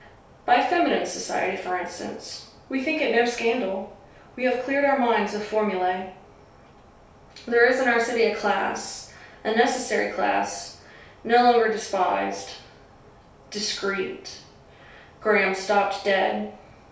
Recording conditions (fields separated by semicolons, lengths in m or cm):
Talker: one person; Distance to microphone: 3.0 m; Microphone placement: far; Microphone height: 1.8 m; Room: small (3.7 m by 2.7 m); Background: none